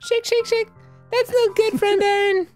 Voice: Falsetto